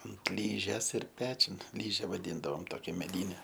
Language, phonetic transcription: Lithuanian, ant ˈlyžės ir ˈpečiun ˈlyže vaˈdyndavom ˈtokia meˈdyne

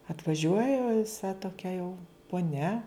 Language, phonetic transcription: Lithuanian, atvaˈžiuoja viˈsa toˈkia jau poˈnia

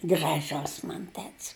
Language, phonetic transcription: Lithuanian, graˈžus ˈman ˈtet's

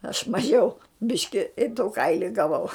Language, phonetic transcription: Lithuanian, aš maˈžiau ˈbiški i tu ˈkaili gaˈvau

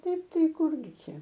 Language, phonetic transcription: Lithuanian, ˈtaip ˈtai ˈkurgi ˈčia

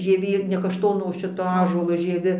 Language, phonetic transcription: Lithuanian, žieˈvė ne kašˈtono o ˈšito ˈąžuolo žieˈvi

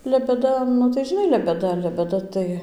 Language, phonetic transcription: Lithuanian, lebeˈda nu tai žiˈnai lebeˈda lebeˈda tai

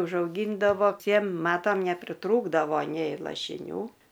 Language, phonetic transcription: Lithuanian, užauˈgyndavo ˈtiem ˈmatam nepriˈtrūkdavo nei lašiˈnių

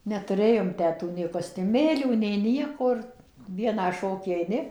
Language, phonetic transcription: Lithuanian, netuˈrėjom ˈtę ˈtų nei kostiuˈmėlių nei ˈnieko ir ˈvieną ˈšokį aiˈni

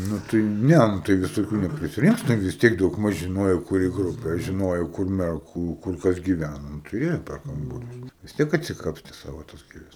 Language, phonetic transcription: Lithuanian, ˈnu tai ˈne ˈnu tai visoˈkių neprisiˈrinks ten vis ˈtiek daugˈmaž žiˈnojo kuˈri ˈgrupė žiˈnojo kur merˈgų kur ˈkas giˈvæna nu tai ˈėjo per ˈkambarius vis ˈtiek atsiˈkapsti ˈsavo tas ˈgėles

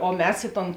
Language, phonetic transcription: Lithuanian, o ˈmes ˈi ˌton

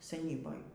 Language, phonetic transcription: Lithuanian, seˈnyboj

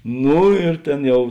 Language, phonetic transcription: Lithuanian, ˈnū ir ˈtėn ˈjau

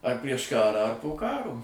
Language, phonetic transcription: Lithuanian, ar prieš ˈkarą ar po ˈkaro

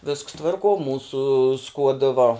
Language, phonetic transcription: Lithuanian, visks ˈtvarkuo ˈmūsu ˈskuodɨ va

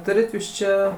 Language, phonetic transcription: Lithuanian, ˈturit ˈjūs ˈčia

